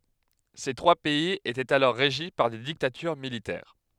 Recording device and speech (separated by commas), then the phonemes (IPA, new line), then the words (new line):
headset microphone, read sentence
se tʁwa pɛiz etɛt alɔʁ ʁeʒi paʁ de diktatyʁ militɛʁ
Ces trois pays étaient alors régis par des dictatures militaires.